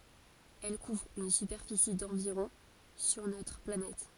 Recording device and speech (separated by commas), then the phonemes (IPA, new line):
forehead accelerometer, read sentence
ɛl kuvʁ yn sypɛʁfisi dɑ̃viʁɔ̃ syʁ notʁ planɛt